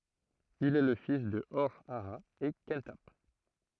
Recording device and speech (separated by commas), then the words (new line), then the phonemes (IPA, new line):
throat microphone, read sentence
Il est le fils de Hor-Aha et Khenthap.
il ɛ lə fis də ɔʁ aa e kɑ̃tap